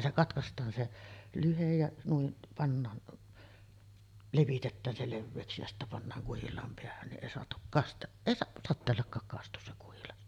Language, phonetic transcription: Finnish, 'se "katkast̆taan se 'lyhej ja , nuiˀ , pannaan , 'levitettään se 'levveeksi ja sittä pannaaŋ 'kuhil̆laam 'peähän ni’ '’èi soatuk kast- , 'èi 'satteellakkaak 'kastus se kuhilas .
- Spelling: se katkaistaan se lyhde ja noin pannaan levitetään se leveäksi ja sitten pannaan kuhilaan päähän niin ei saatu - ei sateellakaan kastu se kuhilas

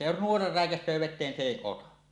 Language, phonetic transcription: Finnish, se jos "nuora 'rä̀ekäs̀öö vet̆teen se 'èi 'ota .
- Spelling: se jos nuora räikäisee veteen se ei ota

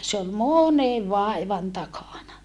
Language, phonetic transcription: Finnish, se ol mònev vàivan takàna .
- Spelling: se oli monen vaivan takana

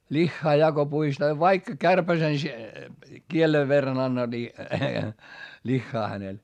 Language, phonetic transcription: Finnish, ĺiχχaa ja ko puistaa » vaikka kärpäsen , kielev verran ‿anna » ni , liχχaa hänel .
- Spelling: lihaa ja kun puistaa vaikka kärpäsen kielen verran anna niin lihaa hänelle

